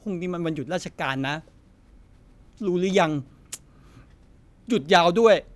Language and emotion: Thai, frustrated